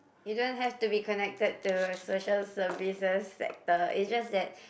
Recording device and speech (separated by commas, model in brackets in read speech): boundary microphone, conversation in the same room